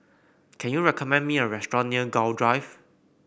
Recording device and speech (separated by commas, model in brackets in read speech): boundary microphone (BM630), read sentence